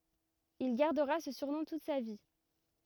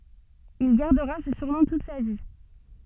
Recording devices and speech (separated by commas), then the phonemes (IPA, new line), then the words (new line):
rigid in-ear microphone, soft in-ear microphone, read sentence
il ɡaʁdəʁa sə syʁnɔ̃ tut sa vi
Il gardera ce surnom toute sa vie.